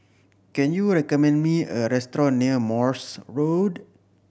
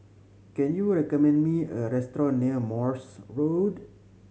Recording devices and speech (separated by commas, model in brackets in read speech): boundary microphone (BM630), mobile phone (Samsung C7100), read sentence